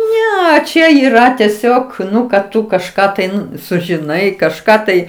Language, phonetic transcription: Lithuanian, ˈne ˈčia yˈra teˈsiog ˈnu kad ˈtu kažˈką tai ˈnu sužiˈnai kažˈką ˈtai

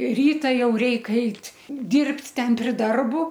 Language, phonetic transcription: Lithuanian, ˈryta ˈjau ˈreik ˈait' ˈdyrbt' ˈten pri ˈdarbu

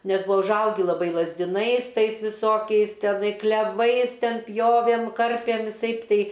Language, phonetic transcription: Lithuanian, ˈnes ˈbua užˈaugi laˈbai lazdiˈnais ˈtais viˈsokiais teˈnai kleˈvais ˈten ˈpjovėm ˈkarpėm viˈsaip ˈtei

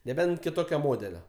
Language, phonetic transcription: Lithuanian, neˈbent kiˈtokio ˈmodelio

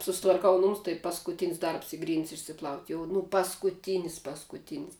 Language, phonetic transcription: Lithuanian, susitvarˈkau ˈnumus tai paskuˈtinis ˈdarbs ˈy ˈgrynd's' išsiˈplaut' jau nu paskuˈtynis paskuˈtynis

